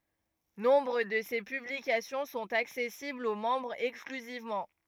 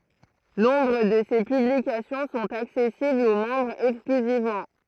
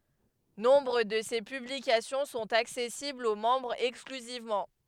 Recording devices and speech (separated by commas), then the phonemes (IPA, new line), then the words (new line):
rigid in-ear microphone, throat microphone, headset microphone, read sentence
nɔ̃bʁ də se pyblikasjɔ̃ sɔ̃t aksɛsiblz o mɑ̃bʁz ɛksklyzivmɑ̃
Nombre de ces publications sont accessibles aux membres exclusivement.